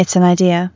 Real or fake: real